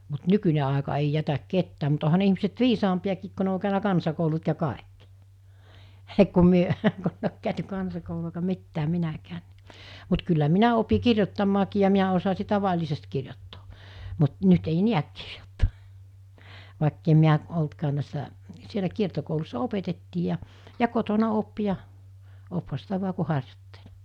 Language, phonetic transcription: Finnish, mut 'nykyn̜e àeka ei 'jätäk 'kettää mut oha ne 'ihmiset "viisampi₍akiik ko ne o kä̀önä 'kansakoulut ja 'kàekkɪ , hə’ , ku 'myö kunneij ‿ok kä̀öty 'kansakoulu₍a eikä 'mittääm̆ 'minäkää(n̆ ni) , mut kyllä 'minä opi 'kirjottammaakii ja 'miä osasi 'tava'ĺisest kirjottᴏᴏ , mut 'nyt ei "niäk kɪʀᴊᴏttᴏᴏ , vàekkem miä , oltkaan̆ nä̀essä , sielä 'kiertokoulussa 'opetettii ja , ja 'kotona 'op ja , 'opha sitä 'vu̬a ku 'harjottᴇʟ .
- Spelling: mutta nykyinen aika ei jätä ketään mutta onhan ne ihmiset viisaampiakin kun ne on käynyt kansakoulut ja kaikki heh kun me kun ei ole käyty kansakoulua eikä mitään minäkään niin mutta kyllä minä opin kirjoittamaankin ja minä osasin tavallisesti kirjoittaa mutta nyt ei näe kirjoittaa vaikka en minä ollutkaan näissä siellä kiertokoulussa opetettiin ja ja kotona oppi ja oppihan sitä vain kun harjoitteli

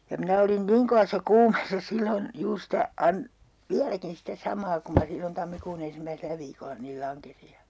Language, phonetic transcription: Finnish, ja 'minä olin "niŋ kovas̀a 'kuumeessa 'sillon , 'juur sitä , an- , "viäläkin sitä 'samaa kum ma 'sillon 'tammikuu'n ‿en̬simmäiselä viikolla niil 'laŋkesi ja , .
- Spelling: ja minä olin niin kovassa kuumeessa silloin juuri sitä - vieläkin sitä samaa kuin minä silloin tammikuun ensimmäisellä viikolla niin lankesin ja

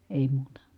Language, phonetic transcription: Finnish, èi muuta .
- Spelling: ei muuta

